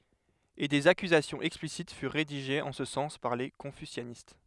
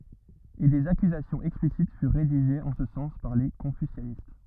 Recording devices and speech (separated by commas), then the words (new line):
headset microphone, rigid in-ear microphone, read sentence
Et des accusations explicites furent rédigées en ce sens par les confucianistes.